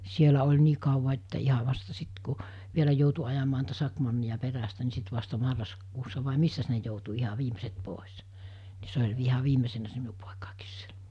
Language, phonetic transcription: Finnish, 'sielä oĺ 'nii kauva että 'iha vasta 'sit ku , 'vielä joutu ajamaa niitä 'sakmannija 'perästä ni 'sit vasta 'marraskuussa vàe 'missäs ne joutu 'iha 'viimeset pòes , nɪ se oĺ iha 'viimesennä se 'miu pòekàekiis sie(lä) .
- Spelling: siellä oli niin kauan että ihan vasta sitten kun vielä joutui ajamaan niitä sakemanneja perästä niin sitten vasta marraskuussa vai missäs ne joutui ihan viimeiset pois niin se oli ihan viimeisenä se minun poikakin siellä

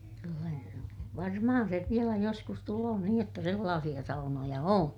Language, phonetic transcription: Finnish, kyllä , varmahan sev vielä joskus tuloo niij jotta sellaasiʲa saunoja oo̰ .
- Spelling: kyllä varmaan sen vielä joskus tulee niin jotta sellaisia saunoja on

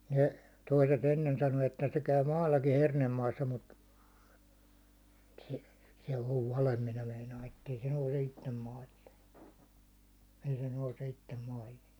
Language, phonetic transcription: Finnish, 'ne , toise't ‿ennen sano että se käy "maallaki 'hernemmaassa mut , se , se ov "valem 'minä 'meinaa ettei se nouse 'ittem 'maill̜e , ei se nouse 'ittem 'maihin̬ .
- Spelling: ne toiset ennen sanoi että se käy maallakin hernemaassa mutta se se on vale minä meinaan että ei se nouse itse maille ei se nouse itse maihin

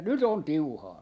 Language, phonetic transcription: Finnish, ja 'nyt ‿on "tiuhaa .
- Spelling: ja nyt on tiuhaa

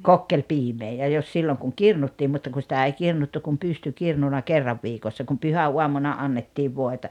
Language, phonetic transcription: Finnish, kokkelpiimee ja jos 'silloŋ kuŋ "kirnuttiim mutta ku sitä 'ei 'kirnuttu kum 'pystykirnuna 'kerrav viikossa kum 'pyhä₍uamuna 'annettiiv 'voeta .
- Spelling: kokkelipiimää ja jos silloin kun kirnuttiin mutta kun sitä ei kirnuttu kuin pystykirnuna kerran viikossa kun pyhäaamuna annettiin voita

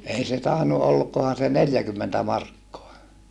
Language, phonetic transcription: Finnish, ei se tàenu olkohan̬ se neljäkymmentä markkoa .
- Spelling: ei se tainnut olikohan se neljäkymmentä markkaa

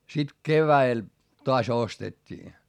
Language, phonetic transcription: Finnish, sit kevä₍el , toas ostet́t́ii .
- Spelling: sitten keväällä taas ostettiin

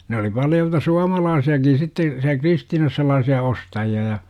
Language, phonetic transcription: Finnish, ne oli 'paljolta "suamalaasi₍akin sitte , siä 'Kristiinas 'sel̆-laasi₍a "ostaji₍a ja .
- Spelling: ne oli paljolti suomalaisiakin sitten siellä Kristiinassa sellaisia ostajia ja

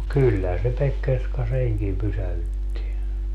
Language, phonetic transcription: Finnish, no "kyllähän se 'Pekkerska "seŋkim 'pysähytti .
- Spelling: no kyllähän se Pekkerska senkin pysäytti

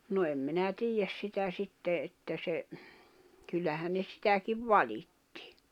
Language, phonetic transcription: Finnish, no em minä 'tiijäs sitä 'sitte että se , 'kyllähän̆ ne 'sitäkiv "vaĺittɪ .
- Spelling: no en minä tiedä sitä sitten että se kyllähän ne sitäkin valitti

